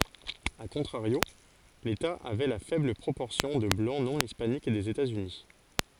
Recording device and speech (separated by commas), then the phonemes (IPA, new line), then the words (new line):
forehead accelerometer, read sentence
a kɔ̃tʁaʁjo leta avɛ la fɛbl pʁopɔʁsjɔ̃ də blɑ̃ nɔ̃ ispanik dez etazyni
A contrario, l'État avait la faible proportion de Blancs non hispaniques des États-Unis.